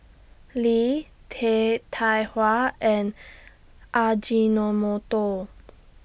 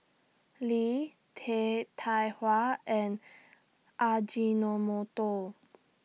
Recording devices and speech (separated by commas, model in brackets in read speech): boundary microphone (BM630), mobile phone (iPhone 6), read sentence